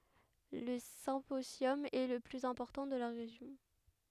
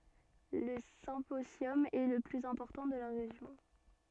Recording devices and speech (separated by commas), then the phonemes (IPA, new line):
headset microphone, soft in-ear microphone, read sentence
lə sɛ̃pozjɔm ɛ lə plyz ɛ̃pɔʁtɑ̃ də la ʁeʒjɔ̃